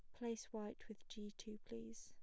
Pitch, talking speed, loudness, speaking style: 210 Hz, 200 wpm, -51 LUFS, plain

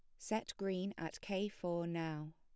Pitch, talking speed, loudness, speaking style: 180 Hz, 165 wpm, -42 LUFS, plain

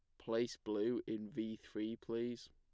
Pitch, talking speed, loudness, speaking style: 110 Hz, 155 wpm, -42 LUFS, plain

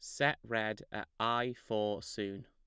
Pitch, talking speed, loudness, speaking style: 110 Hz, 160 wpm, -36 LUFS, plain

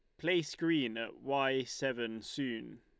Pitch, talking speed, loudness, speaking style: 135 Hz, 140 wpm, -35 LUFS, Lombard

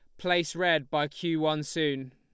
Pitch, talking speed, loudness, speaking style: 155 Hz, 185 wpm, -28 LUFS, Lombard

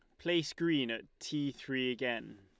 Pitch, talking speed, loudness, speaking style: 130 Hz, 165 wpm, -35 LUFS, Lombard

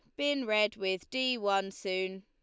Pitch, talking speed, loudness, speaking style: 205 Hz, 180 wpm, -32 LUFS, Lombard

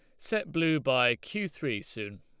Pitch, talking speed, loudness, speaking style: 145 Hz, 180 wpm, -30 LUFS, Lombard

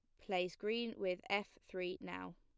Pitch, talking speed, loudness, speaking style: 180 Hz, 165 wpm, -42 LUFS, plain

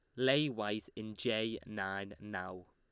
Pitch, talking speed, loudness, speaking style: 110 Hz, 145 wpm, -37 LUFS, Lombard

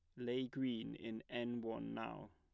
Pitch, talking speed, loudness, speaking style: 115 Hz, 170 wpm, -44 LUFS, plain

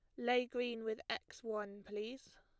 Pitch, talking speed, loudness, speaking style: 230 Hz, 165 wpm, -41 LUFS, plain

